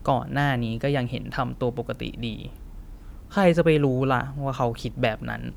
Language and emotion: Thai, frustrated